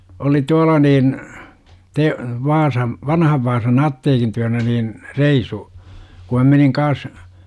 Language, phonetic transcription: Finnish, oli 'tuala niin , -te , 'Vaasam , "vanhav Vaasan 'atteekin tyänä niin , 'reisu , ku mä meniŋ 'kaas , .
- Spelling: oli tuolla niin - Vaasan vanhan Vaasan apteekin työnä niin reisun kun minä menin kanssa

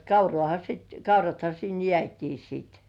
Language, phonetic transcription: Finnish, kaurŏàha sit , 'kauratha sin "jĕä̀§t́ii siit .
- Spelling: kauraahan sitten kaurathan sinne jäätiin sitten

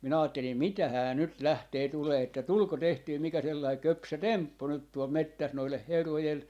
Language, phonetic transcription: Finnish, 'minä 'aattelim » "mitähää 'nyt "lähtee 'tulee että "tulko 'tehtyy 'mikä sellai "köpsö "temppu nyt tuol 'mettäs noileh 'herrojel ,.
- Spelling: minä ajattelin mitähän nyt lähtee tulemaan että tuliko tehtyä mikä sellainen köpsö temppu nyt tuolla metsässä noiden herrojen

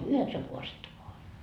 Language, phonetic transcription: Finnish, 'yheksäŋ kuasetta voa oĺ .
- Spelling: yhdeksän kaasetta vain oli

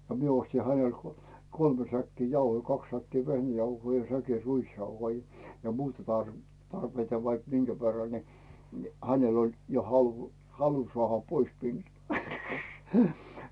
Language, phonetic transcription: Finnish, no 'mie 'osti 'hänel , "kolme säkki 'jauhoi , "kaks 'säkkii "vehnäjauhoi ja 'säki "ruisjauhoi , ja 'muuta tarv- , 'tarpeita vaik "minGä 'verra ni , ni , "hänel ‿oĺ jo 'halᴜ , 'halu 'soàha "pois 'minnuu .
- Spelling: no minä ostin hänelle kolme säkkiä jauhoja kaksi säkkiä vehnäjauhoja ja säkin ruisjauhoja ja muuta - tarpeita vaikka minkä verran niin niin hänellä oli jo halu halu saada pois minua

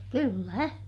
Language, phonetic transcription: Finnish, kyllä .
- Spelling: kyllä

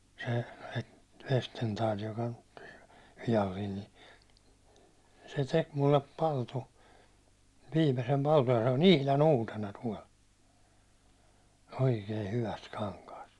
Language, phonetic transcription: Finnish, se Vestentaal joka (nyt) , vijalliin ni , se 'tek mullep 'paltu , 'viimesem paltuj ja se on "ihlan 'uutena 'tuål , "oikee 'hyväst 'kaŋkaast .
- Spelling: se Vestendal joka nyt viallinen niin se teki minulle palttoon viimeisen palttoon ja se on ihan uutena tuolla oikein hyvästä kankaasta

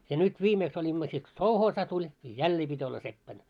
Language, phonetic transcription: Finnish, ja 'nyt 'viimeeks oĺimma sit ko "souhoosa tuĺ , ja "jällee pit́ ‿olla 'seppän .
- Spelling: ja nyt viimeksi olimme sitten kun sovhoosi tuli ja jälleen piti olla seppänä

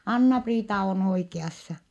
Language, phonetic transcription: Finnish, » Anna-Priita on oike₍assa . »
- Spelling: Anna-Priita on oikeassa

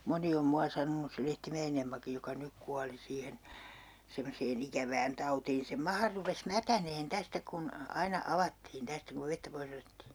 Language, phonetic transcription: Finnish, 'moni om 'mua sanonus se 'Lehtimä₍en ‿Emmakij joka 'nyk kuali 'siihen , semmosee'n ‿ikävään 'tautiin sem "maha rupes "mätäneen 'tästä kun , 'aina 'avattiin 'tästä kuv 'vettä 'pois ‿otettii .
- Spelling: moni on minua sanonut se Lehtimäen Emmakin joka nyt kuoli siihen semmoiseen ikävään tautiin sen maha rupesi mätänemään tästä kun aina avattiin tästä kun vettä pois otettiin

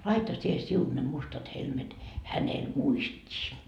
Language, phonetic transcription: Finnish, 'laita sie "siun ne 'mustat helmet , "hänel 'muist́ii .
- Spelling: laita sinä sinun ne mustat helmet hänelle muistiin

